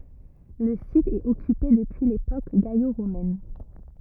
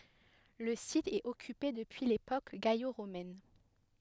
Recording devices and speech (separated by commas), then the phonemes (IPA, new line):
rigid in-ear microphone, headset microphone, read sentence
lə sit ɛt ɔkype dəpyi lepok ɡalo ʁomɛn